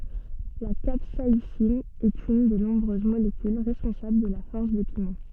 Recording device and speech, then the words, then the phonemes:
soft in-ear microphone, read sentence
La capsaïcine est une des nombreuses molécules responsables de la force des piments.
la kapsaisin ɛt yn de nɔ̃bʁøz molekyl ʁɛspɔ̃sabl də la fɔʁs de pimɑ̃

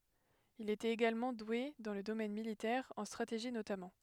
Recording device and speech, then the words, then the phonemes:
headset microphone, read sentence
Il était également doué dans le domaine militaire, en stratégie notamment.
il etɛt eɡalmɑ̃ dwe dɑ̃ lə domɛn militɛʁ ɑ̃ stʁateʒi notamɑ̃

